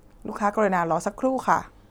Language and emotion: Thai, neutral